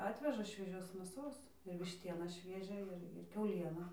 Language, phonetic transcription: Lithuanian, ˈatveža švieˈžios mėˈsos ir višˈtieną ˈšviežią ir ˈkiauliena

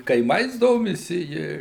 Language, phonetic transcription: Lithuanian, kaiˈmais ˈdomisi ˈji

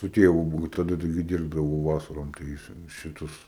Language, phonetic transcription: Lithuanian, su ˈtėvu ˈbuvu taˈda taiˈgi ˈdirbdavau ˈvasarom tai ˈjis šiˈtus

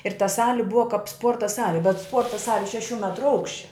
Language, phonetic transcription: Lithuanian, ir ta ˈsali ˈbua kap ˈspuorta ˈsali bet ˈspuorta ˈsali šeˈšių ˈmetru ˈaukščia

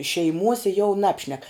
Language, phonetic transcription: Lithuanian, šeiˈmuose jau ˈnabšnek

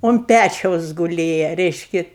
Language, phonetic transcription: Lithuanian, unt ˈpæčiaus guˈlėja ˈreiški

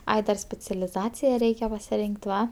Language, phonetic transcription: Lithuanian, ˈai dar specialiˈzacija ˈreikia pasiˈrink't' ˈva

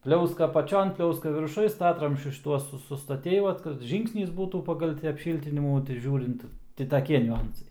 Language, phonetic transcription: Lithuanian, ˈpliauska apaˈčion ˈpliauska virˈšuj ˈstatramsčius šiˈtuos su sustaˈtei ˈvat kad ˈžyngsnis ˈbūtų ˈpagal ti apˈšyltinimų tai ˈžiūrint ˈti taˈkie niuˈansai

